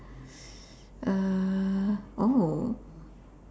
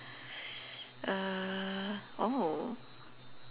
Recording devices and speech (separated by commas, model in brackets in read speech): standing microphone, telephone, conversation in separate rooms